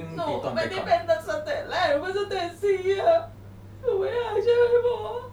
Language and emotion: Thai, sad